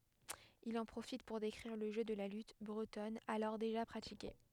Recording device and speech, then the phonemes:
headset microphone, read sentence
il ɑ̃ pʁofit puʁ dekʁiʁ lə ʒø də la lyt bʁətɔn alɔʁ deʒa pʁatike

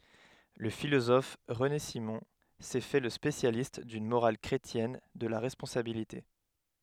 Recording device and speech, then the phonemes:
headset microphone, read sentence
lə filozɔf ʁəne simɔ̃ sɛ fɛ lə spesjalist dyn moʁal kʁetjɛn də la ʁɛspɔ̃sabilite

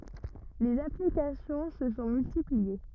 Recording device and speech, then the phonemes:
rigid in-ear microphone, read sentence
lez aplikasjɔ̃ sə sɔ̃ myltiplie

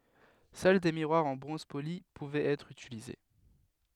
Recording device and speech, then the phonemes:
headset microphone, read sentence
sœl de miʁwaʁz ɑ̃ bʁɔ̃z poli puvɛt ɛtʁ ytilize

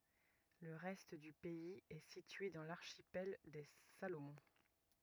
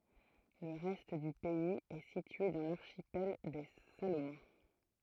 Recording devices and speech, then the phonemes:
rigid in-ear microphone, throat microphone, read sentence
lə ʁɛst dy pɛiz ɛ sitye dɑ̃ laʁʃipɛl de salomɔ̃

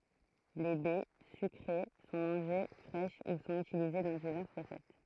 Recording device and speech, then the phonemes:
throat microphone, read sentence
le bɛ sykʁe sɔ̃ mɑ̃ʒe fʁɛʃ u sɔ̃t ytilize dɑ̃ divɛʁs ʁəsɛt

